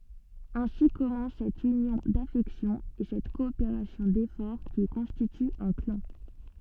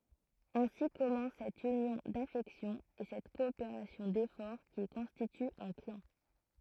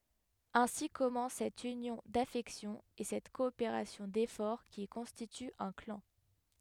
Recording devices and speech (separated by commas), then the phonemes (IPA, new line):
soft in-ear microphone, throat microphone, headset microphone, read sentence
ɛ̃si kɔmɑ̃s sɛt ynjɔ̃ dafɛksjɔ̃z e sɛt kɔopeʁasjɔ̃ defɔʁ ki kɔ̃stity œ̃ klɑ̃